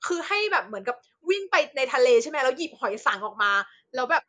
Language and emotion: Thai, happy